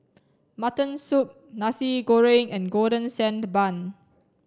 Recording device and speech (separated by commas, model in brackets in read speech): standing microphone (AKG C214), read sentence